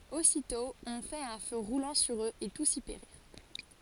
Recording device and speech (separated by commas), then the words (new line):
forehead accelerometer, read sentence
Aussitôt on fait un feu roulant sur eux et tous y périrent.